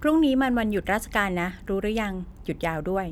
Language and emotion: Thai, neutral